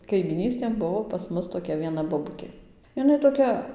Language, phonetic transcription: Lithuanian, kaimyˈnystėn ˈbuvo pas ˈmus toˈkia vieˈna boˈbukė iˈnai toˈkia

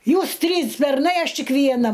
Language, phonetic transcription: Lithuanian, ˈjūs ˈtrys berˈnai ˈaš ˈtik vieˈna

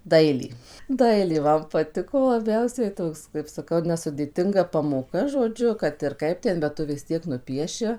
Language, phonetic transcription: Lithuanian, ˈdailė ˈdailė ˈman paˈtiko laˈbiausiai ˈtoks kaip saˈkau nesudėˈtinga pamoˈka žoˈdžiu kad ir ˈkaip ˈten bet ˈtu vis ˈtiek nuˈpieši

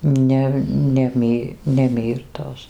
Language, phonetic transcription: Lithuanian, ˈne ne ˈmy ne ˈmyrtos

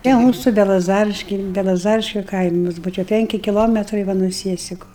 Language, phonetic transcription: Lithuanian, tie ˈmūsu belaˈzariškiai belaˈzariškiu ˈkaimus ˈbuvo čia ˈpenki kiˈlometrai ˈva nuo ˈsiesiku

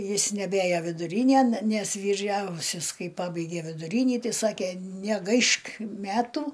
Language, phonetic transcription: Lithuanian, ˈjis neˈbėjo viduˈrynėn nes vyˈriausias ˈkai ˈpabaigė viduˈrynį ˈtai ˈsakė neˈgaišk ˈmetu

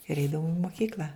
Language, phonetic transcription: Lithuanian, ir ˈeidavum i mokykl'a

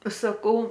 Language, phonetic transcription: Lithuanian, saˈkau

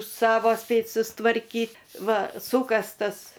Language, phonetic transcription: Lithuanian, ˈsavo ˈspėt' sustvarˈkyt' ˈva ˈsūkastas

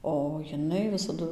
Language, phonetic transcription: Lithuanian, o jiˈnai visaˈdu

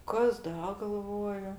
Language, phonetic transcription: Lithuanian, ˈkas ˈda galˈvoju

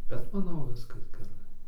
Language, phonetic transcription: Lithuanian, bet maˈnau ˈviskas geˈrai

